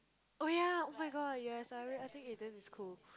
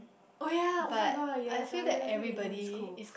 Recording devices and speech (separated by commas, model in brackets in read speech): close-talking microphone, boundary microphone, conversation in the same room